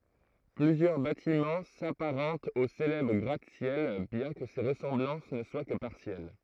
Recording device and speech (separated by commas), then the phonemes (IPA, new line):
throat microphone, read sentence
plyzjœʁ batimɑ̃ sapaʁɑ̃tt o selɛbʁ ɡʁatəsjɛl bjɛ̃ kə se ʁəsɑ̃blɑ̃s nə swa kə paʁsjɛl